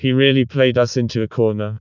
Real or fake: fake